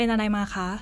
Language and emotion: Thai, neutral